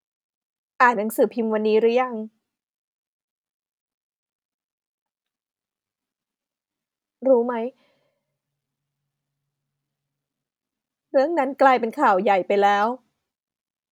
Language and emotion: Thai, sad